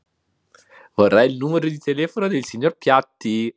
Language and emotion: Italian, happy